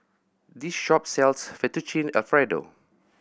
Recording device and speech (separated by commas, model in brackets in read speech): boundary microphone (BM630), read sentence